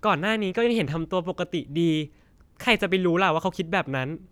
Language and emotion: Thai, neutral